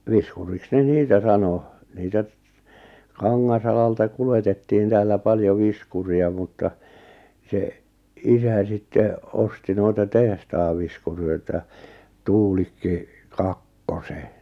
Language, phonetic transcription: Finnish, 'viskuriks ne 'niitä sano , 'niitä , 'Kaŋŋas₍alalta 'kuletettiin täällä 'paljo 'viskuri₍a mutta , se , 'isä 'sitte , 'osti noita 'tehtaav viskuröitä , 'Tuulikki , 'Kakkose .
- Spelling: viskuriksi ne niitä sanoi niitä Kangasalalta kuljetettiin täällä paljon viskuria mutta se isä sitten osti noita tehtaan viskureita Tuulikki Kakkosen

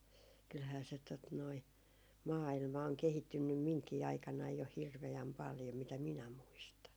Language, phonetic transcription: Finnish, kylhää se tot noi , 'maa₍ilma oŋ 'kehittynnym 'miŋkii 'aikanaij jo "hirve₍äm 'paljo mitä 'minä 'muistan .
- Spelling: kyllähän se tuota noin maailma on kehittynyt minunkin aikanani jo hirveän paljon mitä minä muistan

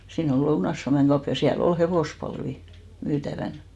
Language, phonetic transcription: Finnish, 'siin ‿ol 'Lounaⁱs Suameŋ 'ɢaup , ja siä"l ol 'hevòspalvi , 'myytävän .
- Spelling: siinä oli Lounais Suomen kauppa ja siellä oli hevospalvia myytävänä

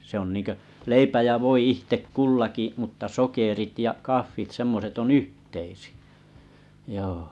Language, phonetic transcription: Finnish, se ‿on nìŋkö , 'leipä jä 'voi 'ihtek "kullaki mutta 'sokerit ja 'kaffit 'semmoset o"n ‿yhteisɪ₍ᴀ̈ , joo .
- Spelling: se on niin kuin leipä ja voi itse kullakin mutta sokerit ja kahvit semmoiset on yhteisiä joo

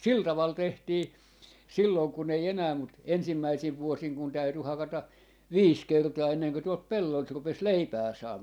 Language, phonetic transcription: Finnish, 'sil 'taval 'tehtii , 'sillòn kun ‿ei 'enää mut , 'ensimmäisiv 'vuosiŋ kun täyty 'hakata , "viis 'kertaa 'enneŋkö tuolt "pelloilt 'rupes "leipää 'saamaa .
- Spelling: sillä tavalla tehtiin silloin kun ei enää mutta ensimmäisinä vuosina kun täytyi hakata viisi kertaa ennen kuin tuolta pelloilta rupesi leipää saamaan

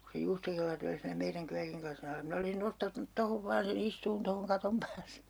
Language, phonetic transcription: Finnish, ku se 'juustokellari oli siinä meiräŋ 'kyäkiŋ klasin ‿alla » minä olsin 'nostanut 'tohov vaan̬ se'n ‿istuun tohoŋ 'katom pääles (se) » .
- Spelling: kun se juustokellari oli siinä meidän kyökin lasin alla minä olisin nostanut tuohon vain sen istumaan tuohon katon päälle se

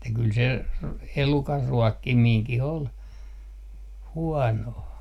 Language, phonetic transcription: Finnish, että kyl se , r- , "elukar 'ruɔkkimiiŋkih ‿ol , 'huɔnoo .
- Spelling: että kyllä se - elukan ruokkiminenkin oli huonoa

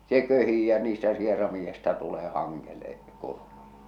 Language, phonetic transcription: Finnish, se 'köhii ja niistä 'sieramiiʲᵉsta tulee 'haŋŋele , 'kurmuja .
- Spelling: se köhii ja niistä sieraimista tulee hangelle kurmuja

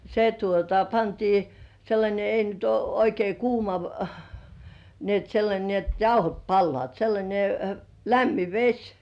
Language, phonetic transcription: Finnish, se tuota pantii , 'sellańe ei nyt uo oikei "kuuma - - ni ‿et 'sellańe ni ‿et "jauhot 'palloàt , sellańe , "lämmi "veś .
- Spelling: se tuota pantiin sellainen ei nyt ole oikein kuuma niin että sellainen niin että jauhot palavat sellainen lämmin vesi

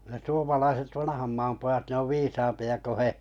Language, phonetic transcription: Finnish, ne 'suomalaiset "vanᵃham 'maam pojat 'ne ov "viisampi₍a ko "he .
- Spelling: ne suomalaiset vanhan maan pojat ne on viisaampia kuin he

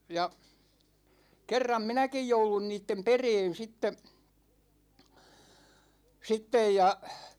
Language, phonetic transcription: Finnish, 'ja , 'kerram "minäkij 'joulun niittem 'pereen̬ sitte , 'sittej ja ,.
- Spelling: ja kerran minäkin jouduin niiden perään sitten sitten ja

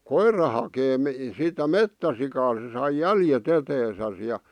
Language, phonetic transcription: Finnish, koirra hakee mi- , sitä "mettäsikaa se sai "jäljet 'eteesäs ja .
- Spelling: koira hakee - sitä metsäsikaa se sai jäljet eteensä ja

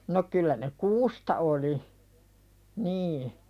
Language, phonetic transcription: Finnish, no 'kyllä ne "kuusta oli , nii .
- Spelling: no kyllä ne kuusta oli niin

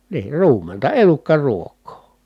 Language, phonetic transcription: Finnish, niir ruumenta , elukkaruok̆koo .
- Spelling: niin ruumenta elukkaruokaa

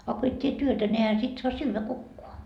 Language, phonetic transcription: Finnish, a ko et 't́ie "työtä ne ehä sit soa 'syyvä "kukkoa .
- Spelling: a kun et tee työtä ne eihän sitten saa syödä kukaan

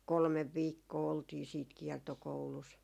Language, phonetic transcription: Finnish, 'kolmev "viikkoo oltii siit 'kiɛrtokoulus .
- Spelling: kolme viikkoa oltiin sitten kiertokoulussa

